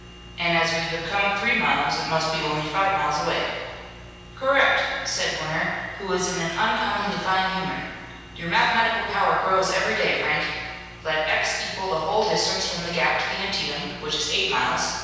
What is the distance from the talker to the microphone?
7.1 m.